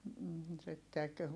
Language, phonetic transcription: Finnish, m̥m̥ sittek .
- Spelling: mm sitten

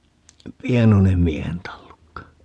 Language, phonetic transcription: Finnish, "pienonem 'miehen 'tallukka .
- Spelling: pienoinen miehen tallukka

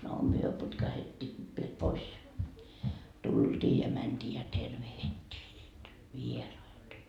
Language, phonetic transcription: Finnish, no 'myö putkahettii viel 'pois ja , 'tulDii ja mänDii ja 'tervehittii niit , "vieraita .
- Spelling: no me putkahdettiin vielä pois ja tultiin ja mentiin ja tervehdittiin niitä vieraita

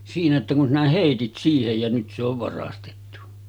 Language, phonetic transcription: Finnish, siinä että kun 'sinä 'hèitit siihej ja nyt se ‿ov 'varastettu .
- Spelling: siinä että kun sinä heitit siihen ja nyt se on varastettu

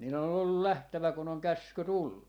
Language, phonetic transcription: Finnish, 'nii - len ‿on ‿ollul "lähtävä kun ‿oŋ "käsky 'tullu .
- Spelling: niiden on ollut lähdettävä kun on käsky tullut

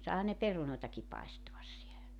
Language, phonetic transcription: Finnish, 'sàehan ne 'perunòetaki 'paestoas sielä .
- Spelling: saihan ne perunoitakin paistaa siellä

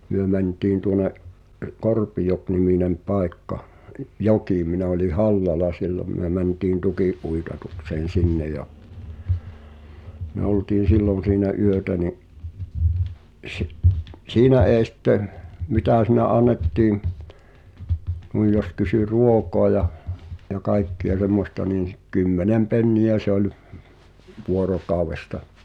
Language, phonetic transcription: Finnish, 'myö mäntiin tuone’ , "Korpijok-niminem 'pài̬kka , ⁱˉ , "jokì minä oĺi "Hallala 'sillom myö mäntiin "tuki’’uitatukseen̬ 'sinne ja , my[ö] oltiin̬ "sillon siinä 'yötä ni’ , sɪ- , "siinä ee sⁱtte , "mitä̀ si̳nä 'annettii , nuij jos 'kysy "ruokoa ja , ja 'kaikki₍a semmosta nìn̬ s- , 'kymmenem 'penni₍ä se ‿oĺ , 'vuorokàu̬westa .
- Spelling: me mentiin tuonne Korpijoki-niminen paikka - joki minä olin Hallalla silloin me mentiin tukinuitatukseen sinne ja me oltiin silloin siinä yötä niin - siinä ei sitten mitä siinä annettiin noin jos kysyi ruokaa ja ja kaikkia semmoista niin - kymmenen penniä se oli vuorokaudesta

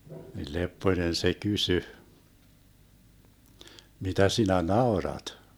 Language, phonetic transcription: Finnish, nil 'Leppoⁱnen se 'kysy : » 'mitä 'sinä "naorat ? »
- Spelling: niin Lepponen se kysyi mitä sinä naurat

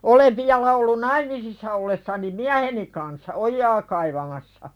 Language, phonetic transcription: Finnish, olev 'viala ollun "naimisissa ollessani "miäheni kanssa "ojjaa kaivamassa .
- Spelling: olen vielä ollut naimisissa ollessani mieheni kanssa ojaa kaivamassa

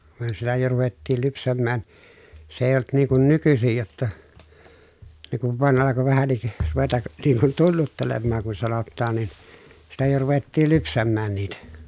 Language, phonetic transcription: Finnish, myö siellä jo ruvettiil lypsämmään , se èi̮j ‿olt niiŋ kun nykysij jotta , ne kuv vàen alako vähäǹik , ruveta(k) , niiŋ kun tunnuttelemmaaŋ kun sanottaan nin , sitä jo ruvettiil lypsämmään niitä .
- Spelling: me siellä jo ruvettiin lypsämään se ei ollut niin kuin nykyisin jotta ne kun vain alkoi vähänkin ruveta niin kuin tunnuttelemaan kun sanotaan niin sitä jo ruvettiin lypsämään niitä

